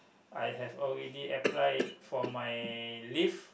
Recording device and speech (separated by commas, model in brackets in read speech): boundary microphone, conversation in the same room